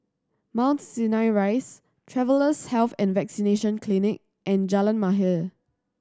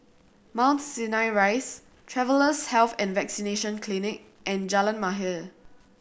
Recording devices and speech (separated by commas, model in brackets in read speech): standing microphone (AKG C214), boundary microphone (BM630), read sentence